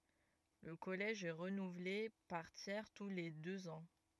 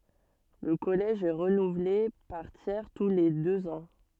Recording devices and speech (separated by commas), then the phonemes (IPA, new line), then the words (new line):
rigid in-ear microphone, soft in-ear microphone, read sentence
lə kɔlɛʒ ɛ ʁənuvle paʁ tjɛʁ tu le døz ɑ̃
Le Collège est renouvelé par tiers tous les deux ans.